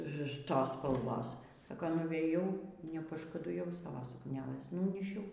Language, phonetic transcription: Lithuanian, ˈtos spalˈvos ˈsaka nuvėˈjau nepaškuduˈjau ˈsavo sukˈnelės ˈnunyšiau

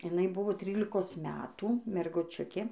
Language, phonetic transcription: Lithuanian, iˈnai ˈbuvo ˈtrylikos ˈmetų merguˈčiukė

